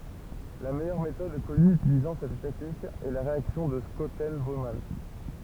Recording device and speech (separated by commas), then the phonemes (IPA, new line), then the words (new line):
temple vibration pickup, read sentence
la mɛjœʁ metɔd kɔny ytilizɑ̃ sɛt tɛknik ɛ la ʁeaksjɔ̃ də ʃɔtɛn boman
La meilleure méthode connue utilisant cette technique est la réaction de Schotten-Baumann.